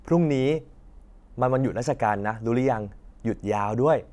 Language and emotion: Thai, happy